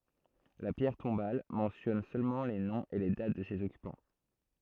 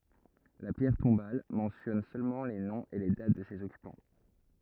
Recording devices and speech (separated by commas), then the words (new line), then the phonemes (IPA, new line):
throat microphone, rigid in-ear microphone, read sentence
La pierre tombale mentionne seulement les noms et les dates de ses occupants.
la pjɛʁ tɔ̃bal mɑ̃sjɔn sølmɑ̃ le nɔ̃z e le dat də sez ɔkypɑ̃